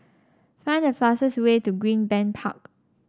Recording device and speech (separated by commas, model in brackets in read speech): standing microphone (AKG C214), read sentence